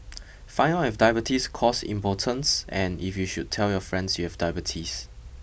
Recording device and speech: boundary microphone (BM630), read sentence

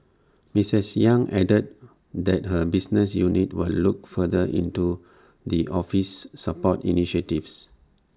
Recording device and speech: standing microphone (AKG C214), read sentence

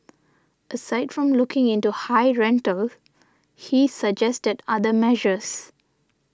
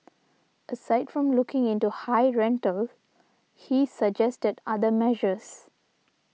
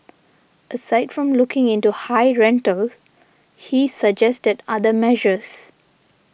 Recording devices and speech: standing microphone (AKG C214), mobile phone (iPhone 6), boundary microphone (BM630), read sentence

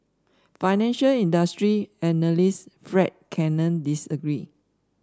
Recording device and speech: standing microphone (AKG C214), read sentence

